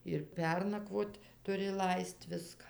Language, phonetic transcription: Lithuanian, ir ˈpernakvot tuˈri ˈlaist ˈviska

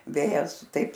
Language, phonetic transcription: Lithuanian, ˈvėjas ˈtaip

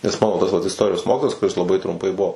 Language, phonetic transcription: Lithuanian, nes ˈmano tas vat isˈtorijos ˈmokitojas kuˈris laˈbai trumˈpai ˈbuo

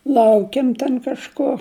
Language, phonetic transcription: Lithuanian, ˈlaukėm ten kažˈko

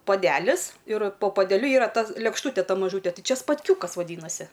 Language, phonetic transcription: Lithuanian, poˈdelis ir po podeˈliu ˈyra ˈta lėkšˈtūte ˈta maˈžūte ˈtɨ ˈčia spatˈkiūkas vaˈdynasi

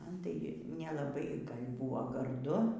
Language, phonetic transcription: Lithuanian, ˈman tai nelaˈbai ˈgal' ˈbuvo garˈdu

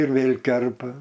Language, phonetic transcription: Lithuanian, ir ˈvėl' ˈkerpa

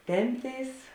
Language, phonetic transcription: Lithuanian, ˈtempˌtėis

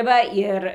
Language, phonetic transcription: Lithuanian, ˈva ir

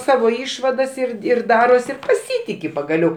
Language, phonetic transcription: Lithuanian, ˈsavo ˈišvadas ir ir ˈdaros ir paˈsytiki pagaˈliau

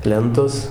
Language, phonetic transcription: Lithuanian, ˈlentos

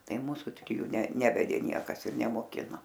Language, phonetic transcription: Lithuanian, ˈtai ˈmūsu triˈjų ne ˈnevedė ˈniekas ir nemoˈkino

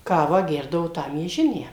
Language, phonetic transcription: Lithuanian, ˈkavą ˈgerdavo ˈtą mieˈžinę

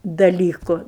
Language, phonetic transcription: Lithuanian, daˈlyku

